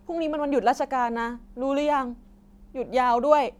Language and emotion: Thai, frustrated